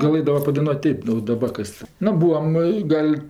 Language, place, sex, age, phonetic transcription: Lithuanian, Aukštaitija, female, 60+, gaˈlɘdava padaiˈnuot' ˈtėp o daˈbar kas ˈnu ˈbūam i ˈgal'

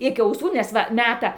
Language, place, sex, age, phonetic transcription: Lithuanian, Dzūkija, female, 60+, ˈiki auˈsų nes ˈva ˈmeta

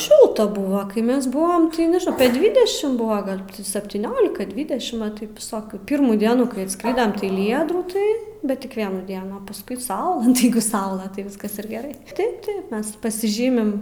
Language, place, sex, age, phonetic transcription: Lithuanian, Aukštaitija, female, 18-60, ˈšilta ˈbuva kai ˈmes ˈbuvom tai nežiˈnau apie ˈdvidešim ˈbuva gal saptyˈniolika ˈdvidešim va ˈtaip viˈsokių ˈpyrmų ˈdienų kai atˈskridam tai ˈlyja drūˈtai bet ˈtik ˈvienų ˈdienų a paˈskui ˈsaula nu tai ˈjeigu ˈsaula tai ˈviskas ir geˈrai ˈtaip ˈtaip ˈmes pasiˈžymim

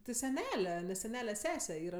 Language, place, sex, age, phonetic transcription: Lithuanian, Aukštaitija, female, 18-60, ti seˈnele seˈnele ˈsese ˈyra

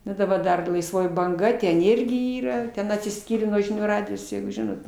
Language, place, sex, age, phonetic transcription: Lithuanian, Aukštaitija, female, 60+, ˈnu daˈbar ˈdar laisˈvoji banˈga ten ˈirgi ˈyra ˈten atsiˈskyrė nuo žiˈnių ˈradijos jeigu ˈžinot

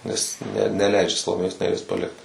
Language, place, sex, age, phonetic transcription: Lithuanian, Suvalkija, male, 18-60, nes ne neˈleidžia saloˈmėjos neˈries paˈlikt

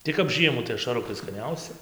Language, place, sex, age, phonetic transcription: Lithuanian, Dzūkija, male, 18-60, tai kap ˈžiemų tai ašaˈrukai skaˈniausi

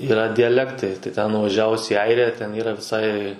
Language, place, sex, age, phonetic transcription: Lithuanian, Suvalkija, male, 18-60, yˈra dijaˈlektai tai ten nuvaˈžiavus į ˈairiją ten ˈyra viˈsai

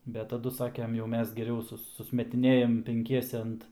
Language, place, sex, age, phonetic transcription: Lithuanian, Aukštaitija, male, 18-60, ˈbet taˈdu ˈsakem jau ˈmes geˈriau ˈsus susmetiˈnėjam penˈkiese ˈant

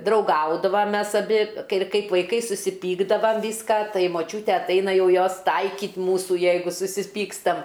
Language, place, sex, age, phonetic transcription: Lithuanian, Aukštaitija, female, 60+, drauˈgaudavam ˈmes aˈbi kai ˈkaip vaiˈkai susiˈpykdavam ˈvyska ˈtai moˈčiūte atˈaina ˈjau ˈjos ˈtaikyt ˈmūsu ˈjeigu susiˈpykstam

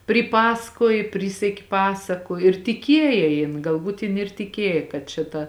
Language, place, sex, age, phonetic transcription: Lithuanian, Žemaitija, female, 18-60, priˈpasakuoj ˈpryseki ˈpasaku ir tiˈkiejė jin galˈbūt jin ir tiˈkiejė kad čia ˈta

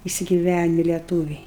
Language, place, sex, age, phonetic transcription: Lithuanian, Aukštaitija, female, 60+, isigiˈvæni leˈtūviai

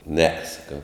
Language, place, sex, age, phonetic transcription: Lithuanian, Žemaitija, male, 60+, ne saˈkau

